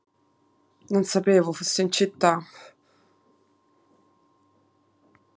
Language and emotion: Italian, sad